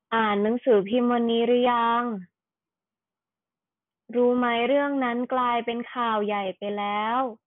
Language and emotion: Thai, frustrated